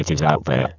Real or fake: fake